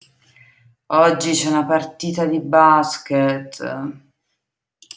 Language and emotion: Italian, disgusted